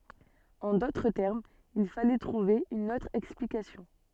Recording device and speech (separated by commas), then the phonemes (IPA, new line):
soft in-ear microphone, read sentence
ɑ̃ dotʁ tɛʁmz il falɛ tʁuve yn otʁ ɛksplikasjɔ̃